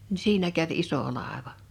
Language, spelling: Finnish, niin siinä kävi iso laiva
- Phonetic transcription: ni 'siinä käv "iso 'làeva .

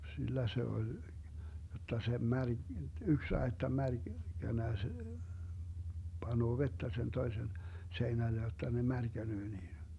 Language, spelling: Finnish, sillä se oli jotta se - yksi aitta - märkänä se panee vettä sen toisen seinälle jotta ne märkänee niin
- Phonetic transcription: 'sillä se oĺ , jotta se 'mär- , "yks 'aetta 'mär- , -'känä (se) , 'panoo "vettä sen 'toisen , 'seinäle jotta ne 'märkänöö niin̬ .

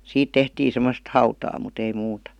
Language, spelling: Finnish, siitä tehtiin semmoista hautaa mutta ei muuta
- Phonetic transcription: 'siit "tehtii 'semost hautaa mut ‿ei 'muuta .

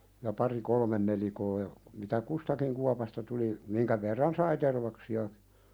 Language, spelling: Finnish, ja pari kolme nelikkoa ja mitä kustakin kuopasta tuli minkä verran sai tervaksia
- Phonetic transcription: ja pari "kolmen nelikoo ja , mitä "kustakiŋ 'kuapasta tuli , 'miŋkä verran "sai 'tervaksi₍akɪ .

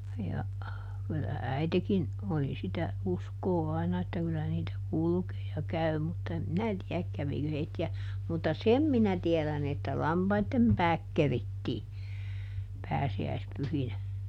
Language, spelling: Finnish, ja kyllä äitikin oli sitä uskoa aina että kyllä niitä kulkee ja käy mutta en minä tiedä kävikö heitä mutta sen minä tiedän että lampaiden päät kerittiin pääsiäispyhinä
- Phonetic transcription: ja , kyllä "äitekin , oli ˈsitä , ˈuskoo ˈaina että ˈkyllä niitä "kulkee ja ˈkäy mutta em ˈminä tiäk ˈkävikö heitti₍ä , mutta "sem minä ˈtiɛlän ‿että "lampaittem ˈpääk ˈkerittii , ˈpääsi₍äispyhinä .

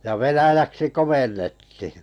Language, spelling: Finnish, ja venäjäksi komennettiin
- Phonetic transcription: ja 'venäjäksi "komennettihɪ .

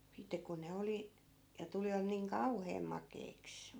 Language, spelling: Finnish, sitten kun ne oli ja tulivat niin kauhean makeiksi
- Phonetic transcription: 'sitte kun ne 'oli , ja 'tulivat niiŋ "kauheem 'mak̀eiks .

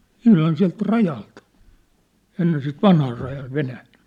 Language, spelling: Finnish, ihan sieltä rajalta ennen sitä vanhaa rajaa Venäjään
- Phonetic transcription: ihlan siä̭lt "rajalt , ennen sit 'vanhaa rajaa 'Venään̬ .

